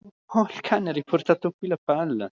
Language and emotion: Italian, surprised